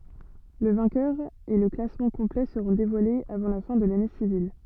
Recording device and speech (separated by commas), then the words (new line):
soft in-ear microphone, read sentence
Le vainqueur et le classement complet seront dévoilés avant la fin de l’année civile.